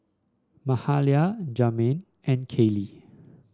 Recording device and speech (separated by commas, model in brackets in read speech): standing microphone (AKG C214), read sentence